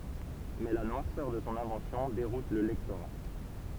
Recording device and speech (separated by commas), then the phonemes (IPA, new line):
temple vibration pickup, read sentence
mɛ la nwaʁsœʁ də sɔ̃ ɛ̃vɑ̃sjɔ̃ deʁut lə lɛktoʁa